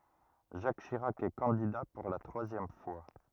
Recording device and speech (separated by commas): rigid in-ear microphone, read sentence